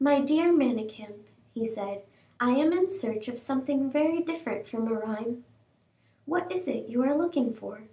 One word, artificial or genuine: genuine